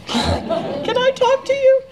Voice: high pitched voice